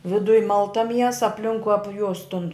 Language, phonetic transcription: Lithuanian, viˈduj ˈmalta ˈmiesa apˈlinkui ˈapjus tun

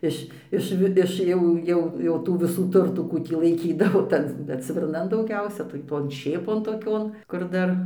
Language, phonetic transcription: Lithuanian, ˈiš ˈiš vi ˈiš jau ˈjau jau ˈtų viˈsų ˈturtų ˈkų tį laiˈkydavo ˈtan ˈtan bet svirˈnan dauˈgiausia tai ˈton ˈšėpon toˈkion kur ˈdar

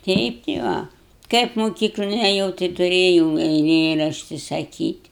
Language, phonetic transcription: Lithuanian, ˈteip ti ˈva ˈkaip moˈkyklon eˈjau tai tuˈrėjau eiˈlėrašti saˈkyt'

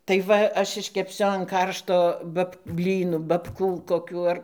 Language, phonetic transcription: Lithuanian, tai ˈva ˈaš iškepˈsiu an ˈkaršto ˈbab ˈblynu babˈkų koˈkių ar

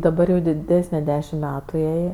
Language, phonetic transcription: Lithuanian, daˈbar jau diˈdesne ˈdešim ˈmetu ˈjai

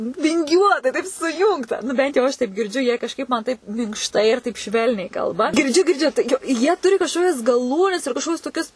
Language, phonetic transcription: Lithuanian, vinˈgiuotai taip suˈjūngta nu ˈbent jau ˈaš taip girˈdžiu jie kažˈkaip man ˈtaip minkšˈtai ir ˈtaip ˈšvelniai ˈkalba girˈdžiu girˈdžiu tai jau ˈjie ˈturi kažˈkokias gaˈlūnes ir kažˈkokius toˈkius

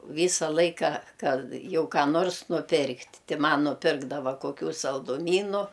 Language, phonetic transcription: Lithuanian, ˈvysa ˈlaika ˈkad ˈjau ką ˈnors nuˈpirkt' ˈti ˈman nuˈpirkdava koˈkių salduˈmynu

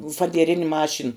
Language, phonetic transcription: Lithuanian, fadieˈrin' ˈmašin

